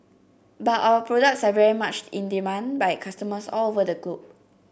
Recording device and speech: boundary microphone (BM630), read sentence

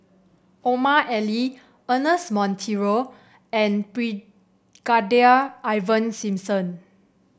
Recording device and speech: boundary microphone (BM630), read sentence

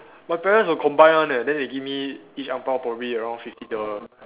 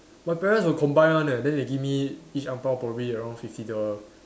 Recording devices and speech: telephone, standing microphone, conversation in separate rooms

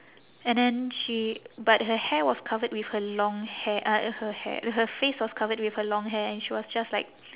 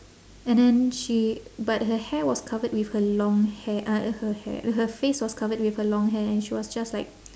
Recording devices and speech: telephone, standing microphone, conversation in separate rooms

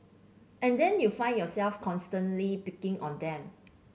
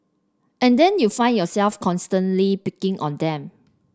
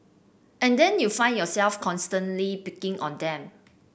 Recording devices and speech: mobile phone (Samsung C7), standing microphone (AKG C214), boundary microphone (BM630), read sentence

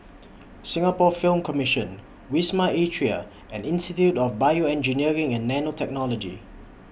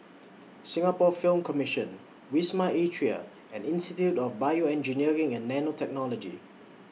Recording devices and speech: boundary microphone (BM630), mobile phone (iPhone 6), read sentence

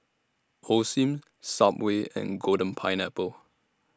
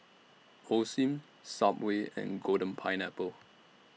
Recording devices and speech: standing microphone (AKG C214), mobile phone (iPhone 6), read sentence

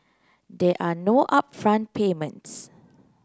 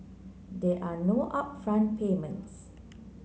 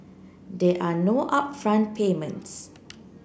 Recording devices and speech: close-talking microphone (WH30), mobile phone (Samsung C9), boundary microphone (BM630), read sentence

